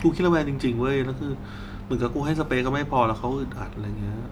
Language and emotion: Thai, frustrated